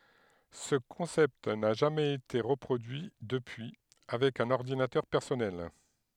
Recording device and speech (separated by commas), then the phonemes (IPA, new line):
headset microphone, read sentence
sə kɔ̃sɛpt na ʒamɛz ete ʁəpʁodyi dəpyi avɛk œ̃n ɔʁdinatœʁ pɛʁsɔnɛl